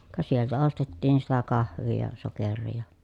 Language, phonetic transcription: Finnish, ka sieltä ostettiin sitä kahv̆vii ja , soker̆rii ja .
- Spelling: ka sieltä ostettiin sitä kahvia ja sokeria ja

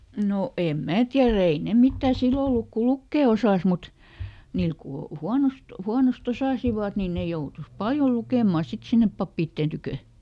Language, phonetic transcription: Finnish, ˈno , em ˈmää ˈtiärä "ei ne ˈmittä̀ ˈsillo oluk ku "lukkè osàs mut , ˈniil ku ˈhuanost , ˈhuanos"t ‿osàsivat ni ˈne joutus "paljo ˈlukèma sit sinnep ˈpappiitteen tykö .
- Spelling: no en minä tiedä ei ne mitään silloin ollut kun lukea osasi mutta niillä kun huonosti huonosti osasivat niin ne joutui paljon lukemaan sitten sinne pappien tykö

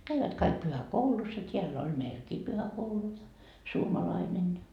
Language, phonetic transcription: Finnish, 'käivät kaik 'pyhä"koulus ja t́iäl'l ‿on 'näilkii pyhäkoulu , 'suomalainen .
- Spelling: kävivät kaikki pyhäkoulussa ja täällä on näilläkin pyhäkoulu suomalainen

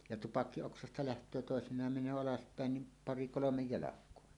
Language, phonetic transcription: Finnish, ja "tupakki₍oksasta 'läht̀öö tòesiǹaam meǹöö 'alaspä̀en nim "pari 'kolomej 'jalak̀oa .
- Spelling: ja tupakkioksasta lähtee toisinaan menee alaspäin niin pari kolme jalkaa

